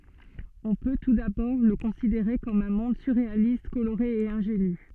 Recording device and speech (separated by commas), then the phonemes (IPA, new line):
soft in-ear microphone, read sentence
ɔ̃ pø tu dabɔʁ lə kɔ̃sideʁe kɔm œ̃ mɔ̃d syʁʁealist koloʁe e ɛ̃ʒeny